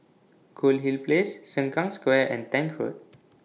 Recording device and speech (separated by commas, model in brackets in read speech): mobile phone (iPhone 6), read sentence